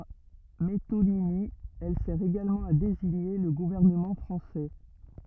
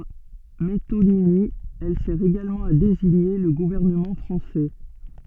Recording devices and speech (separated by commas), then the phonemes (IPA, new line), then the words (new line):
rigid in-ear microphone, soft in-ear microphone, read sentence
paʁ metonimi ɛl sɛʁ eɡalmɑ̃ a deziɲe lə ɡuvɛʁnəmɑ̃ fʁɑ̃sɛ
Par métonymie, elle sert également à désigner le gouvernement français.